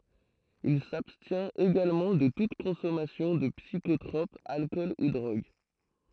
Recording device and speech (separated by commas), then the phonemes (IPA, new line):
throat microphone, read sentence
il sabstjɛ̃t eɡalmɑ̃ də tut kɔ̃sɔmasjɔ̃ də psikotʁɔp alkɔl u dʁoɡ